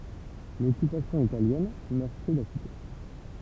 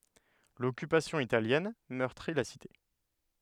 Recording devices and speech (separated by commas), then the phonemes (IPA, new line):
temple vibration pickup, headset microphone, read sentence
lɔkypasjɔ̃ italjɛn mœʁtʁi la site